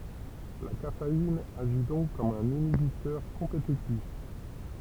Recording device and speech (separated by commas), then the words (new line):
temple vibration pickup, read sentence
La caféine agit donc comme un inhibiteur compétitif.